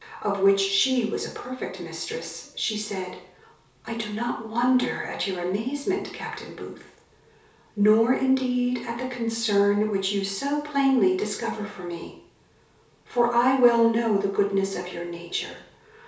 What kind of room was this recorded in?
A compact room (about 3.7 m by 2.7 m).